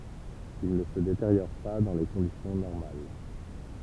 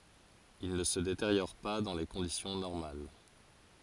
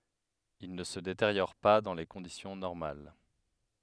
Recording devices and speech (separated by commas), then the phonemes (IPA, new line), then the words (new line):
temple vibration pickup, forehead accelerometer, headset microphone, read sentence
il nə sə deteʁjɔʁ pa dɑ̃ le kɔ̃disjɔ̃ nɔʁmal
Il ne se détériore pas dans les conditions normales.